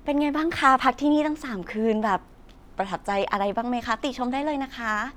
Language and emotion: Thai, happy